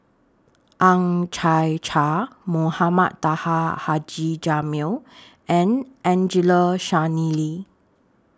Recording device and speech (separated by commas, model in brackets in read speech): standing microphone (AKG C214), read sentence